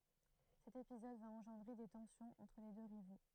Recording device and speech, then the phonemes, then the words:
throat microphone, read sentence
sɛt epizɔd va ɑ̃ʒɑ̃dʁe de tɑ̃sjɔ̃z ɑ̃tʁ le dø ʁivo
Cet épisode va engendrer des tensions entre les deux rivaux.

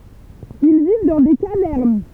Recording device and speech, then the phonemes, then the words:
temple vibration pickup, read sentence
il viv dɑ̃ de kavɛʁn
Ils vivent dans des cavernes.

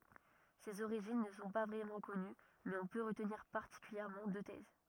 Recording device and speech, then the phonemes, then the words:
rigid in-ear microphone, read sentence
sez oʁiʒin nə sɔ̃ pa vʁɛmɑ̃ kɔny mɛz ɔ̃ pø ʁətniʁ paʁtikyljɛʁmɑ̃ dø tɛz
Ses origines ne sont pas vraiment connues mais on peut retenir particulièrement deux thèses.

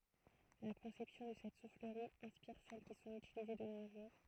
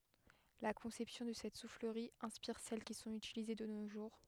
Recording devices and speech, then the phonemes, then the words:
throat microphone, headset microphone, read sentence
la kɔ̃sɛpsjɔ̃ də sɛt sufləʁi ɛ̃spiʁ sɛl ki sɔ̃t ytilize də no ʒuʁ
La conception de cette soufflerie inspire celles qui sont utilisées de nos jours.

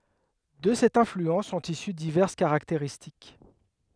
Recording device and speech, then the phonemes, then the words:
headset microphone, read sentence
də sɛt ɛ̃flyɑ̃s sɔ̃t isy divɛʁs kaʁakteʁistik
De cette influence sont issues diverses caractéristiques.

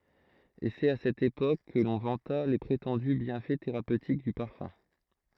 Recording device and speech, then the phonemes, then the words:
throat microphone, read sentence
e sɛt a sɛt epok kə lɔ̃ vɑ̃ta le pʁetɑ̃dy bjɛ̃fɛ teʁapøtik dy paʁfœ̃
Et c’est à cette époque que l’on vanta les prétendus bienfaits thérapeutiques du parfum.

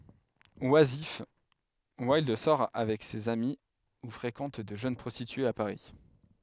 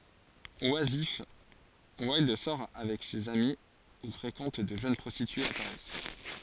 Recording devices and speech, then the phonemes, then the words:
headset microphone, forehead accelerometer, read sentence
wazif wildœʁ sɔʁ avɛk sez ami u fʁekɑ̃t də ʒøn pʁɔstityez a paʁi
Oisif, Wilde sort avec ses amis ou fréquente de jeunes prostitués à Paris.

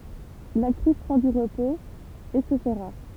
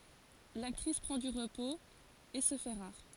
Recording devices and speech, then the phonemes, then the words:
temple vibration pickup, forehead accelerometer, read sentence
laktʁis pʁɑ̃ dy ʁəpoz e sə fɛ ʁaʁ
L'actrice prend du repos, et se fait rare.

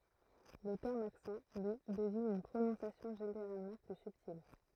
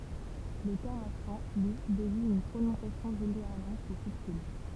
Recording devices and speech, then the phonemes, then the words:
throat microphone, temple vibration pickup, read sentence
lə tɛʁm aksɑ̃ lyi deziɲ yn pʁonɔ̃sjasjɔ̃ ʒeneʁalmɑ̃ ply sybtil
Le terme accent, lui, désigne une prononciation généralement plus subtile.

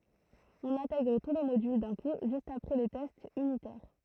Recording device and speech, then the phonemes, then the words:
throat microphone, read sentence
ɔ̃n ɛ̃tɛɡʁ tu le modyl dœ̃ ku ʒyst apʁɛ le tɛstz ynitɛʁ
On intègre tous les modules d'un coup juste après les tests unitaires.

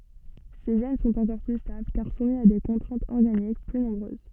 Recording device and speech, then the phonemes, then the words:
soft in-ear microphone, read sentence
se ʒɛn sɔ̃t ɑ̃kɔʁ ply stabl kaʁ sumi a de kɔ̃tʁɛ̃tz ɔʁɡanik ply nɔ̃bʁøz
Ces gènes sont encore plus stables car soumis à des contraintes organiques plus nombreuses.

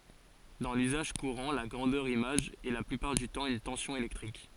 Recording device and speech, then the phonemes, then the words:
forehead accelerometer, read sentence
dɑ̃ lyzaʒ kuʁɑ̃ la ɡʁɑ̃dœʁ imaʒ ɛ la plypaʁ dy tɑ̃ yn tɑ̃sjɔ̃ elɛktʁik
Dans l'usage courant, la grandeur image est la plupart du temps une tension électrique.

